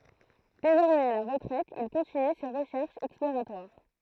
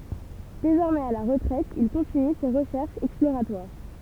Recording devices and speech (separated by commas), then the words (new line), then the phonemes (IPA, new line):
throat microphone, temple vibration pickup, read sentence
Désormais à la retraite il continue ses recherches exploratoires.
dezɔʁmɛz a la ʁətʁɛt il kɔ̃tiny se ʁəʃɛʁʃz ɛksploʁatwaʁ